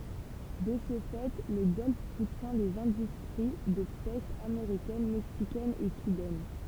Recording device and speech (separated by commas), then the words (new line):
temple vibration pickup, read sentence
De ce fait, le golfe soutient les industries de pêche américaine, mexicaine et cubaine.